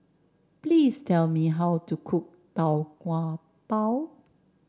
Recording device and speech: standing microphone (AKG C214), read sentence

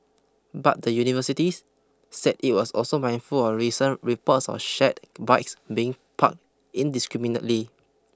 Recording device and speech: close-talking microphone (WH20), read sentence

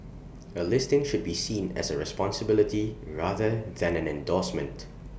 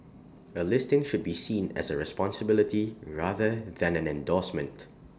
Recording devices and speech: boundary microphone (BM630), standing microphone (AKG C214), read sentence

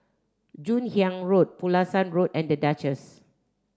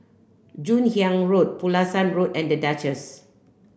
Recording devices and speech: standing microphone (AKG C214), boundary microphone (BM630), read sentence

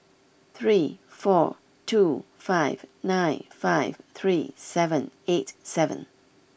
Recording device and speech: boundary microphone (BM630), read sentence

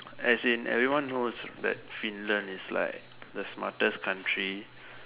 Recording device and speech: telephone, conversation in separate rooms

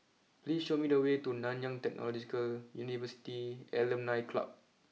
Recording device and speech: mobile phone (iPhone 6), read sentence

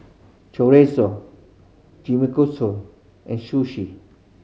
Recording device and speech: mobile phone (Samsung C5010), read sentence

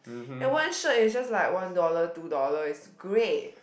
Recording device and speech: boundary microphone, conversation in the same room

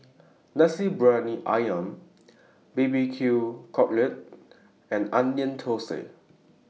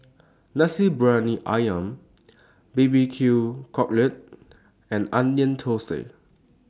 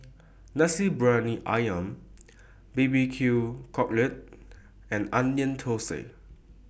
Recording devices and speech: mobile phone (iPhone 6), standing microphone (AKG C214), boundary microphone (BM630), read sentence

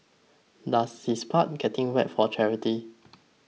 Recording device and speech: mobile phone (iPhone 6), read sentence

